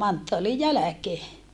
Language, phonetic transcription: Finnish, manttoalij jäläkee .
- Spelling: manttaalin jälkeen

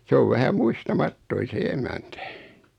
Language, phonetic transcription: Finnish, 's ‿ov 'vähä "muista"mattoin̬ se 'emäntä .
- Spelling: se on vähän muistamaton se emäntä

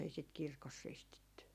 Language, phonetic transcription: Finnish, ei sit "kirkos 'ristitty .
- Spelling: ei sitä kirkossa ristitty

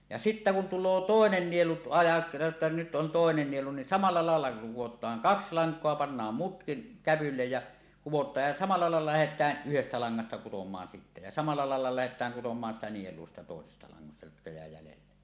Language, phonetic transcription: Finnish, ja "sittä kun tul̆loo "tòenen 'nielu ajat- 'ᵉttä 'nyt 'on 'tòenen nielu ni , samal̳a làella 'kuwot̀aan , "kaks 'laŋk̀oa pannaam "mutkin , 'kävyllej jä , 'kuwot̀aaj ja 'samal̆la làella 'lähet̀ääˀ "ˀyhestä laŋŋasta kutom̀aan 'sittä ja samal̆la laella "lähet̀ääŋ 'kutom̀aan sitä nieluo siitä 'tòesesta laŋŋasta jotka jä̀e jälelle .
- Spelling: ja sitten kun tulee toinen nielu - että nyt on toinen nielu niin samalla lailla kudotaan kaksi lankaa pannaan muutkin kävylle ja kudotaan ja samalla lailla lähdetään yhdestä langasta kutomaan sitten ja samalla lailla lähdetään kutomaan sitä nielua siitä toisesta langasta jotka jää jäljelle

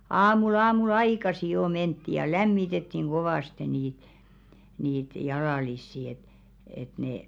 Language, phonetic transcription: Finnish, aamu'l ‿aamu"l ‿aikasi jo 'mentti ja "lämmitettiŋ 'ɢovàste niit , niit 'jalàlissi et , et nè ,.
- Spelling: aamulla aamulla aikaisin jo mentiin ja lämmitettiin kovasti niitä niitä jalallisia että että ne

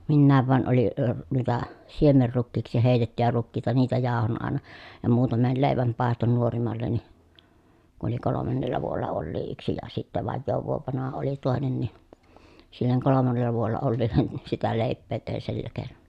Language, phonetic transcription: Finnish, minnääv vàen oli , əə nuita , siemerrukkiiksi hèi̮tettyjä rukkiita niitä jàohon àena , ja muutamel lèiväm pàeston nuorimalleni , kun̬ oli kolomannella vuolla ollii yksi ja sittä vajjoov vuov vanaha oli tòenen ni , silleŋ kolomannella vuolla olliillen ni , sitä lèi̮ppee tèi̮n sillä keenon .
- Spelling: minäkin vain olin - noita siemenrukiiksi heitettyjä rukiita niitä jauhoin aina ja muutaman leivän paistoin nuorimmalle kun oli kolmannella vuodella olikin yksi ja sitten vajaan vuoden vanha oli toinen niin sille kolmannella vuodella olevalle niin sitä leipää tein sillä keinoin

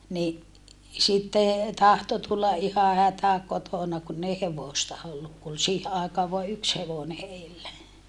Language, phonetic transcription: Finnish, ni , sitte , tahto tulla ʼiha hätä kotona kunn ‿ei hevòsta olluk ku ol siihe àekaav voa yks hevone heillä .
- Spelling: niin sitten tahtoi tulla ihan hätä kotona kun ei hevosta ollut kun oli siihen aikaan vain yksi hevonen heillä

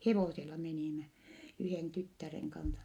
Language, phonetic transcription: Finnish, hevòsela menìmä , yhèn tyttäreŋ kansa .
- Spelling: hevosella menimme yhden tyttären kanssa

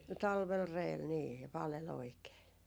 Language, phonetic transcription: Finnish, 'talvel "reel nii , ja 'pale'l ‿oikee .
- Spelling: talvella reellä niin ja paleli oikein

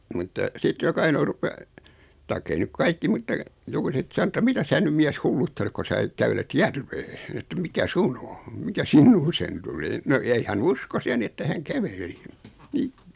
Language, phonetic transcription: Finnish, mutta , sit 'jok ‿ainò 'rupe , taik'k ‿ei nyk "kaikki mutta , 'jokuset san [et]tä » 'mitä 'sää nym 'miäs "hulluttelek ko sää ⁿyk 'kävelet "järvee , että 'mikä "sun o , 'mikä "sinnuuseen 'tuli « no ei 'hän "uskos 'ja ni että 'häŋ "käveli , 'ni .
- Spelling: mutta sitten joka ainoa rupesi tai ei nyt kaikki mutta jokuset sanoi että mitä sinä nyt mies hulluttelet kun sinä nyt kävelet järveen että mikä sinun on mikä sinuun tuli no ei hän uskoisi ja niin että hän käveli niin

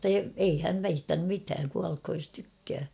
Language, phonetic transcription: Finnish, ei häm piit(annum) 'mitääŋ 'kualkhoj jos tykkää .
- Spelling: ei hän piitannut mitään kuolkoon jos tykkää

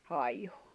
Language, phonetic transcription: Finnish, 'hài̬j̆ju .
- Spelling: haiku

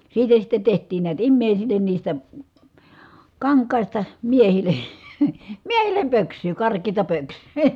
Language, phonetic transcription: Finnish, siitä sitte teht̀iin niät immèisillen niistä , kaŋk̀àista , miehil̀E , miehil̆lem pöks̀yy , kark̀eeta pöks̀yy .
- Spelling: siitä sitten tehtiin näet ihmisille niistä kankaista miehille miehille pöksyä karkeata pöksyä

